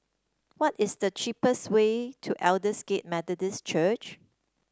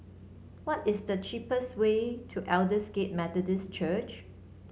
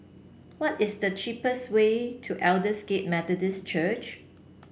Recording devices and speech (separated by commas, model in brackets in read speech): standing microphone (AKG C214), mobile phone (Samsung C7), boundary microphone (BM630), read sentence